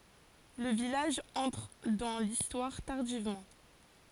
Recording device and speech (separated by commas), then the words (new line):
forehead accelerometer, read sentence
Le village entre dans l’Histoire tardivement.